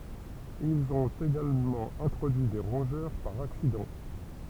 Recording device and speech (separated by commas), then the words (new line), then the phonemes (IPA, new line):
temple vibration pickup, read sentence
Ils ont également introduit des rongeurs par accident.
ilz ɔ̃t eɡalmɑ̃ ɛ̃tʁodyi de ʁɔ̃ʒœʁ paʁ aksidɑ̃